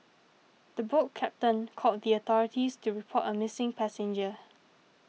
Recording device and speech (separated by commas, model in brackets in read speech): mobile phone (iPhone 6), read sentence